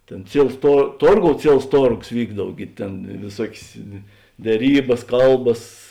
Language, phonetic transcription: Lithuanian, ˈtėn ˈciels to ˈtorˌgou ˈciels ˈtorgos ˈvykdav ˈgi tėn vėˈsuokės deˈrybas ˈkalbas

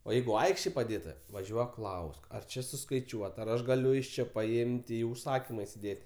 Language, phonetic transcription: Lithuanian, o ˈjeigu ˈaikštėj paˈdėta vaˈžiuok ˈklausk ar ˈči suskaiˈčiuota ar ˈaš gaˈliu iš ˈči paˈimt' ˈį užˈsakyma isiˈdėt'

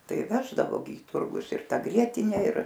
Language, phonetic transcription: Lithuanian, ˈtai ˈveždavo gi į ˈturgus ir ˈta ˈgrietine ir

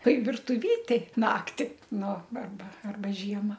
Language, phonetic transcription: Lithuanian, ˈtoi virtuˈvytėj ˈnakti ˈnu arˈba arˈba ˈžiema

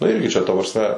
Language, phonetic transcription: Lithuanian, nu ˈirgi čia ˈta prasˈme

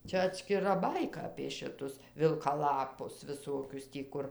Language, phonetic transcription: Lithuanian, ˈčia atskiˈra ˈbaika apė šiˈtus vilkaˈlapus viˈsokius tį ˈkur

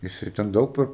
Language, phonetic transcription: Lithuanian, jiˈsai ten ˈdaug per

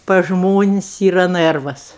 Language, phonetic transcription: Lithuanian, pas ˈžmonis' ˈyra ˈnɜrvas

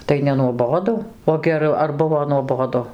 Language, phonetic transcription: Lithuanian, tai nenuoˈbodu o geˈru ar ˈbuvo nuoˈbodu

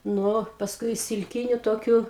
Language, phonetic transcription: Lithuanian, ˈnu pasˈkui iš silˈkiniu ˈtokiu

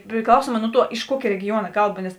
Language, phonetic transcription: Lithuanian, priˈklausuomā ˈnu ˌtuo iš ˈkuokė regiˈjuona ˈkalˌba nes

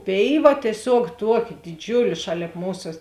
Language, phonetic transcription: Lithuanian, ˈpėiˌva tieˈsiuog ˈtuoˌki diˈdžiulė ˈšalėp ˈmūsa

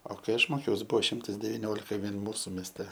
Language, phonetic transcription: Lithuanian, o kai ˈaš ˈmokiaus ˈbuo ˈšimtas deviˈniolika ˈvien ˈmūsu mėsˈte

